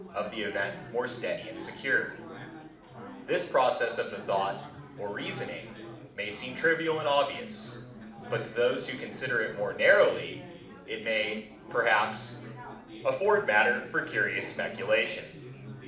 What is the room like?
A medium-sized room (about 5.7 m by 4.0 m).